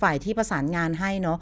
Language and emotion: Thai, neutral